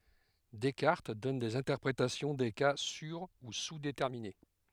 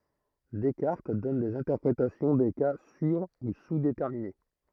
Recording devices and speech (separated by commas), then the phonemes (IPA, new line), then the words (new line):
headset microphone, throat microphone, read sentence
dɛskaʁt dɔn dez ɛ̃tɛʁpʁetasjɔ̃ de ka syʁ u suzdetɛʁmine
Descartes donne des interprétations des cas sur- ou sous-déterminés.